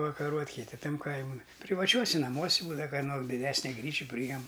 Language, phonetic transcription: Lithuanian, pavakaˈruot' kiˈti ˈtam ˈkaimun privaˈčiuosi naˈmuosi ˈbūdava kaˈno diˈdesni ˈgryči pryˈjem

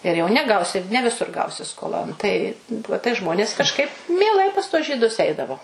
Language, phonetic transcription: Lithuanian, ir jau neˈgausi ne viˈsur ˈgausi skoˈlon tai ˈvuo tai ˈžmonės kažˈkaip mieˈlai pas tuos žyˈdus ˈeidavo

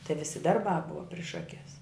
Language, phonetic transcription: Lithuanian, tai ˈvisi ˈdarˌbā ˈbuva priš ˈakes

